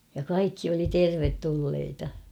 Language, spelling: Finnish, ja kaikki oli tervetulleita
- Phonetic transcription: ja 'kaikki oli "tervettulleita .

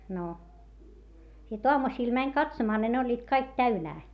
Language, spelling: Finnish, no sitten aamusilla meni katsomaan niin ne olivat kaikki täynnä
- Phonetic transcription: no , sit oamusiil mäń katsomaa ni ne oĺĺiit kaik täynää .

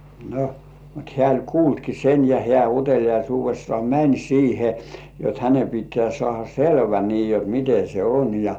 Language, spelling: Finnish, no mutta hän oli kuullutkin sen ja hän uteliaisuudessaan meni siihen jotta hänen pitää saada selvä niin jotta miten se on ja
- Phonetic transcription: no , mut 'hĕä̀ oĺ "kuultki sen ja 'hĕ§ä̀ 'utel̜ijaisuuvessŏà "mäń siihe , jot 'häne pit̆tĕä̀ sŏàha "selvä nii jot 'mite se "on ja .

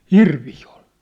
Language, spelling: Finnish, hirviä oli
- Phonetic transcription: hirvii ol .

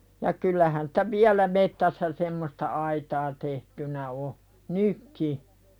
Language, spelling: Finnish, ja kyllähän sitä vielä metsässä semmoista aitaa tehtynä on nytkin
- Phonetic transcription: ja kyl̆lähän sᴵtä "viälä mettässä semmosta 'aitaa tehtynä o , "nykki .

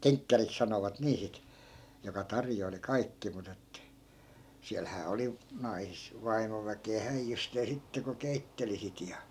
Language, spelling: Finnish, kenkkäriksi sanovat niin sitten joka tarjoili kaikki mutta että siellähän oli - vaimoväkeä häijysteen sitten kun keitteli sitä ja
- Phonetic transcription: "keŋkkärik 'sanovat 'nii sit , joka 'tarjoili "kaikki mut ‿että , 'siälhää 'oli , 'nais- , 'vaimoväke₍ä 'häijjystee 'sitte ko "keitteli sit ja .

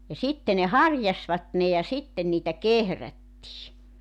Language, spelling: Finnish, ja sitten ne harjasivat ne ja sitten niitä kehrättiin
- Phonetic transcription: ja 'sitte ne "harjasvat ne ja 'sitten niitä "kehrättii .

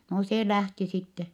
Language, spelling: Finnish, no se lähti sitten
- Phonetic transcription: no see lähti sitte .

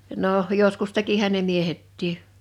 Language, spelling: Finnish, no joskus tekihän ne miehetkin
- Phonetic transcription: 'nòh , 'joskus 'tekihän̆ ne 'miehettii .

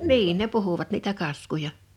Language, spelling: Finnish, niin ne puhuivat niitä kaskuja
- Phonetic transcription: niin ne 'puhuvat niitä 'kaskuja .

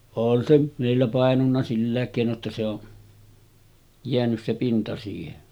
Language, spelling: Finnish, on se meillä painunut sillä keinoin jotta se on jäänyt se pinta siihen
- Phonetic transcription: on se , mèillä pàenunna 'sillä̀ek kèino ‿tta se ‿o , 'jeänys se 'pinta siihen .

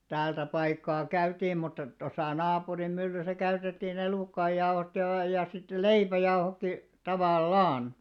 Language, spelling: Finnish, täältä paikkaa käytiin mutta tuossa naapurin myllyssä käytettiin elukoiden jauhot ja - ja sitten leipäjauhotkin tavallaan
- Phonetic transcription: 'täältä paikkaa 'käytiim mutta , tosà 'naapurim 'myllysä käytettii'n ‿elùkkaijjauhot ja və- ja sittel "leipäjauhokki 'tavàl"laan .

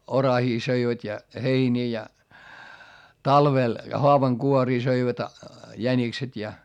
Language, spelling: Finnish, oraita söivät ja heiniä ja talvella haavankuoria söivät jänikset ja
- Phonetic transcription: orahii söivät́ ja heinii ja , talvel , hoavaŋkuorii söivät , jänikset ja .

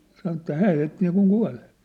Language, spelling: Finnish, sanoi että hän heitti niin kuin kuolleeksi
- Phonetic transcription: sanŏ että 'hää heitti nii-kuŋ 'kua̭llᴇ .

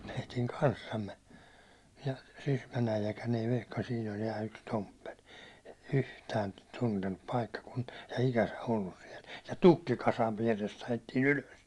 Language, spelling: Finnish, meidän kanssamme ja Sysmän äijäkään ei vehka siinä oli ja yksi tomppeli yhtään tuntenut paikkakuntaa ja ikänsä ollut siellä ja tukkikasan vierestä ajettiin ylös
- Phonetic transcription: meitiŋ 'kanssamme , ja 'Sysmän äijäkän ei vehka 'siin ol ja yks "tomppel , "yhtään 'tuntennup 'paikkakuntɪᴀ ja 'ikäsä ollus siɛl , ja "tukkikasav viärest ‿ajettiin̬ "ylös .

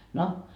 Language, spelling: Finnish, no
- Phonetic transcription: no .

